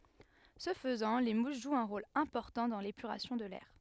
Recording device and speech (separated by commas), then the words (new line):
headset microphone, read sentence
Ce faisant, les mousses jouent un rôle important dans l'épuration de l'air.